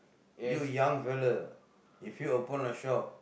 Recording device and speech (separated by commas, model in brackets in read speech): boundary microphone, conversation in the same room